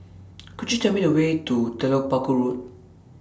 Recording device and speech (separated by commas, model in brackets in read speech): standing microphone (AKG C214), read sentence